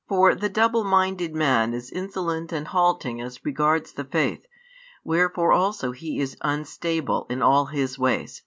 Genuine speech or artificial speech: genuine